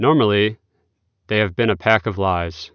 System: none